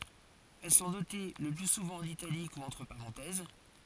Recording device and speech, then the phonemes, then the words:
forehead accelerometer, read sentence
ɛl sɔ̃ note lə ply suvɑ̃ ɑ̃n italik u ɑ̃tʁ paʁɑ̃tɛz
Elles sont notées le plus souvent en italique ou entre parenthèses.

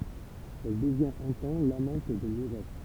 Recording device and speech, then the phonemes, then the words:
temple vibration pickup, read sentence
ɛl dəvjɛ̃t œ̃ tɑ̃ lamɑ̃t də muʁɛ
Elle devient un temps l'amante de Mouret.

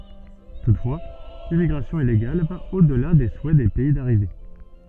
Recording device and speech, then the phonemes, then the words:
soft in-ear microphone, read sentence
tutfwa limmiɡʁasjɔ̃ ileɡal va o dəla de suɛ de pɛi daʁive
Toutefois, l'immigration illégale va au-delà des souhaits des pays d’arrivée.

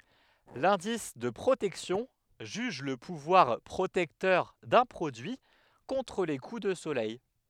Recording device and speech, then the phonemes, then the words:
headset microphone, read sentence
lɛ̃dis də pʁotɛksjɔ̃ ʒyʒ lə puvwaʁ pʁotɛktœʁ dœ̃ pʁodyi kɔ̃tʁ le ku də solɛj
L'indice de protection juge le pouvoir protecteur d'un produit contre les coups de soleil.

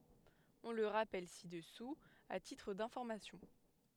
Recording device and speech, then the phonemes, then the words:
headset microphone, read sentence
ɔ̃ lə ʁapɛl si dəsu a titʁ dɛ̃fɔʁmasjɔ̃
On le rappelle ci-dessous à titre d'information.

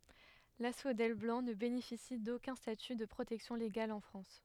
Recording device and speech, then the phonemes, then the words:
headset microphone, read sentence
lasfodɛl blɑ̃ nə benefisi dokœ̃ staty də pʁotɛksjɔ̃ leɡal ɑ̃ fʁɑ̃s
L'asphodèle blanc ne bénéficie d'aucun statut de protection légale en France.

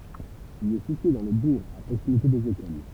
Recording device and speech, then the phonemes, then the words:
temple vibration pickup, read sentence
il ɛ sitye dɑ̃ lə buʁ a pʁoksimite dez ekol
Il est situé dans le bourg, à proximité des écoles.

